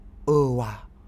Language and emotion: Thai, neutral